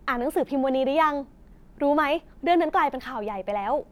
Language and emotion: Thai, neutral